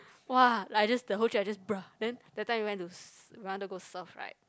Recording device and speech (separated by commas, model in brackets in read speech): close-talking microphone, conversation in the same room